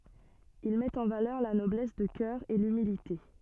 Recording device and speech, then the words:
soft in-ear microphone, read sentence
Il met en valeur la noblesse de cœur et l'humilité.

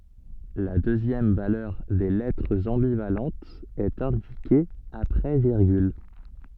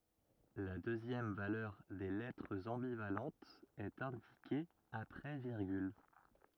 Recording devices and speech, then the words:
soft in-ear microphone, rigid in-ear microphone, read sentence
La deuxième valeur des lettres ambivalentes est indiquée après virgule.

